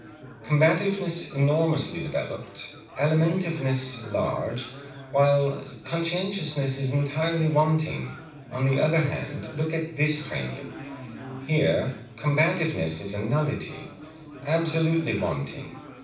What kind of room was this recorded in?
A mid-sized room (about 5.7 m by 4.0 m).